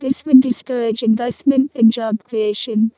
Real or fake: fake